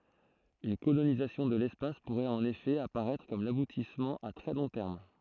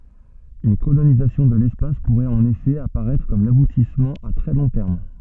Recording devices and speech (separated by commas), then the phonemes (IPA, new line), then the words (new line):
throat microphone, soft in-ear microphone, read sentence
yn kolonizasjɔ̃ də lɛspas puʁɛt ɑ̃n efɛ apaʁɛtʁ kɔm labutismɑ̃ a tʁɛ lɔ̃ tɛʁm
Une colonisation de l'espace pourrait en effet apparaître comme l'aboutissement à très long terme.